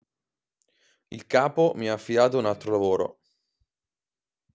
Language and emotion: Italian, neutral